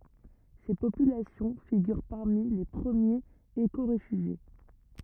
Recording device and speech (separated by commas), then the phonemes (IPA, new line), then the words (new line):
rigid in-ear microphone, read sentence
se popylasjɔ̃ fiɡyʁ paʁmi le pʁəmjez ekoʁefyʒje
Ces populations figurent parmi les premiers écoréfugiés.